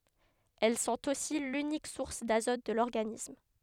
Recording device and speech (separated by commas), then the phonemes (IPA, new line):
headset microphone, read sentence
ɛl sɔ̃t osi lynik suʁs dazɔt də lɔʁɡanism